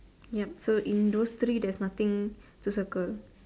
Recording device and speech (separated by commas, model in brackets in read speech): standing microphone, conversation in separate rooms